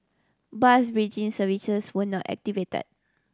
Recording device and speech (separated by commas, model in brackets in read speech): standing microphone (AKG C214), read sentence